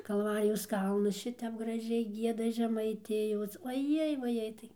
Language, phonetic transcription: Lithuanian, kalˈvarijos ˈkalnus ˈšitep graˈžiai ˈgieda žemaiˈtijos oˈjei vaˈjei tai

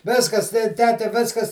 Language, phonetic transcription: Lithuanian, ˈviskas te ˈtete ˈviskas

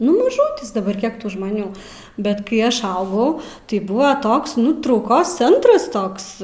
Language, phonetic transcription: Lithuanian, nu maˈžutis daˈbar ˈkiek ˈtų žmaˈnių ˈbet kai ˈaš ˈaugau tai ˈbuvo ˈtoks ˈnu trauˈkos ˈcentras ˈtoks

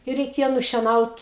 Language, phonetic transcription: Lithuanian, i reiˈkėjo nušieˈnaut

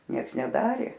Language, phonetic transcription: Lithuanian, ˈnieks neˈdarė

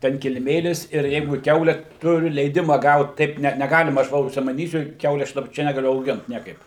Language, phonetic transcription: Lithuanian, ˈten kiliˈmėlis ir ˈjeigu ˈkiaule ˈturiu leiˈdima ˈgaut taip ˈne neˈgalima aš ˈva užsimaˈnysiu ˈkiaule aš ˈčia negaˈliu auˈgint ˈniekaip

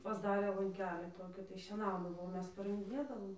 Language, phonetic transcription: Lithuanian, pasˈdarė lanˈkelį ˈtoki tai šieˈnaudavo o ˈmes parɨnkdiˈnėdavom

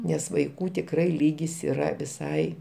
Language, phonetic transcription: Lithuanian, nes vaiˈkų tikˈrai ˈlygis yˈra viˈsai

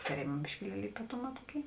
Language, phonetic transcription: Lithuanian, taˈrėma biškiˈlieli ypaˈtuˌmā ˈtuoˌkėi

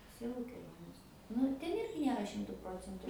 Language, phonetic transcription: Lithuanian, ˈsielu keˈlionės nu ir ˈten ˈirgi ˈniera ˈšimtu ˈprocentu

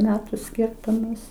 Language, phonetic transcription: Lithuanian, ˈmetu ˈskirtumas

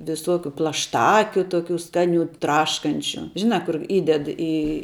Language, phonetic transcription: Lithuanian, viˈsokiu plašˈtakiu ˈtokių ˈskaˌnių ˈtraškančiu ˈžinā ˈkur ˈįded į

